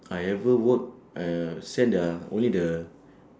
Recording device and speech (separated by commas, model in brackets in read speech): standing microphone, conversation in separate rooms